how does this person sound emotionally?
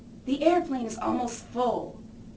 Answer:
angry